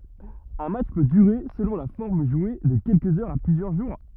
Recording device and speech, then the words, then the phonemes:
rigid in-ear microphone, read sentence
Un match peut durer, selon la forme jouée, de quelques heures à plusieurs jours.
œ̃ matʃ pø dyʁe səlɔ̃ la fɔʁm ʒwe də kɛlkəz œʁz a plyzjœʁ ʒuʁ

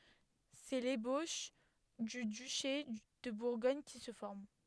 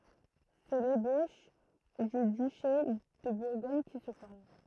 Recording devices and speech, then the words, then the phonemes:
headset microphone, throat microphone, read sentence
C'est l'ébauche du duché de Bourgogne qui se forme.
sɛ leboʃ dy dyʃe də buʁɡɔɲ ki sə fɔʁm

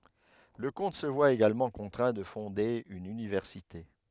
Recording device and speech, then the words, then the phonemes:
headset microphone, read sentence
Le comte se voit également contraint de fonder une université.
lə kɔ̃t sə vwa eɡalmɑ̃ kɔ̃tʁɛ̃ də fɔ̃de yn ynivɛʁsite

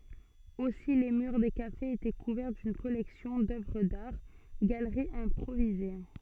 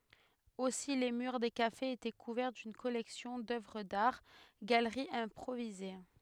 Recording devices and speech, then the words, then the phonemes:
soft in-ear microphone, headset microphone, read sentence
Aussi les murs des cafés étaient couverts d'une collection d'œuvres d'art, galeries improvisées.
osi le myʁ de kafez etɛ kuvɛʁ dyn kɔlɛksjɔ̃ dœvʁ daʁ ɡaləʁiz ɛ̃pʁovize

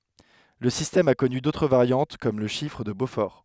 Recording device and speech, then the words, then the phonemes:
headset microphone, read sentence
Le système a connu d'autres variantes comme le chiffre de Beaufort.
lə sistɛm a kɔny dotʁ vaʁjɑ̃t kɔm lə ʃifʁ də bofɔʁ

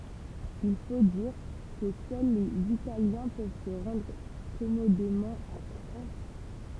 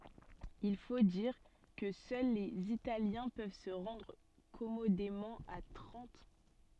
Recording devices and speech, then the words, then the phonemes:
temple vibration pickup, soft in-ear microphone, read sentence
Il faut dire que seuls les Italiens peuvent se rendre commodément à Trente.
il fo diʁ kə sœl lez italjɛ̃ pøv sə ʁɑ̃dʁ kɔmodemɑ̃ a tʁɑ̃t

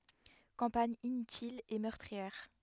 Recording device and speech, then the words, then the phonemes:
headset microphone, read sentence
Campagne inutile et meurtrière.
kɑ̃paɲ inytil e mœʁtʁiɛʁ

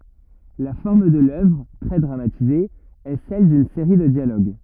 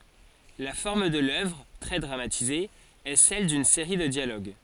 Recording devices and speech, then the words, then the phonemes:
rigid in-ear microphone, forehead accelerometer, read sentence
La forme de l'œuvre - très dramatisée - est celle d'une série de dialogues.
la fɔʁm də lœvʁ tʁɛ dʁamatize ɛ sɛl dyn seʁi də djaloɡ

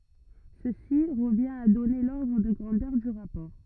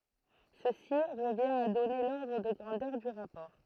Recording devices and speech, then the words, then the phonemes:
rigid in-ear microphone, throat microphone, read sentence
Ceci revient à donner l'ordre de grandeur du rapport.
səsi ʁəvjɛ̃t a dɔne lɔʁdʁ də ɡʁɑ̃dœʁ dy ʁapɔʁ

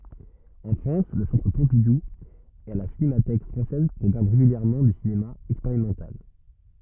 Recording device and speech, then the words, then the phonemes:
rigid in-ear microphone, read sentence
En France le Centre Pompidou et la Cinémathèque française programment régulièrement du cinéma expérimental.
ɑ̃ fʁɑ̃s lə sɑ̃tʁ pɔ̃pidu e la sinematɛk fʁɑ̃sɛz pʁɔɡʁamɑ̃ ʁeɡyljɛʁmɑ̃ dy sinema ɛkspeʁimɑ̃tal

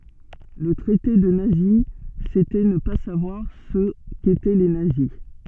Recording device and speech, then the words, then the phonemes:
soft in-ear microphone, read sentence
Le traiter de nazi, c'était ne pas savoir ce qu'étaient les nazis.
lə tʁɛte də nazi setɛ nə pa savwaʁ sə ketɛ le nazi

